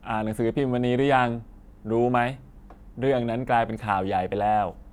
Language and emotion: Thai, neutral